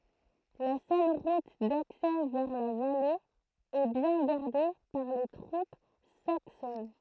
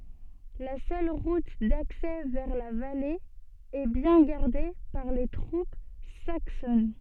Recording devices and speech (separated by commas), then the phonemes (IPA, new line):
throat microphone, soft in-ear microphone, read sentence
la sœl ʁut daksɛ vɛʁ la vale ɛ bjɛ̃ ɡaʁde paʁ le tʁup saksɔn